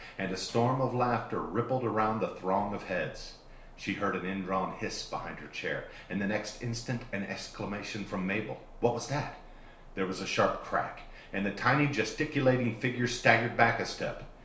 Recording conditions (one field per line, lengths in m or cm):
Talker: one person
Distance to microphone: 1.0 m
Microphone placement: close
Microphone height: 1.1 m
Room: small (3.7 m by 2.7 m)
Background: none